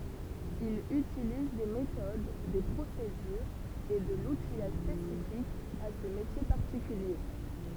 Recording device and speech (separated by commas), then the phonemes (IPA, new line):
temple vibration pickup, read sentence
il ytiliz de metod de pʁosedyʁz e də lutijaʒ spesifik a sə metje paʁtikylje